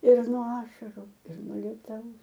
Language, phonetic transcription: Lithuanian, ir nuo ˈašaru ir nuo ˈlietaus

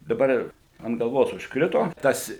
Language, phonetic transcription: Lithuanian, daˈbar ir ant galˈvos užkˈrito ˈtas

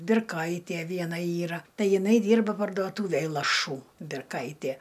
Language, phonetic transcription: Lithuanian, birˈkaitie ˈviena ˈyra ˈtai jiˈnai ˈdyrba parduoˈtūvėj laˈšų birˈkaitie

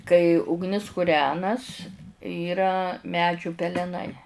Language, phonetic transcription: Lithuanian, kai ugˈnis kuˈrenas yˈra ˈmedžių peleˈnai

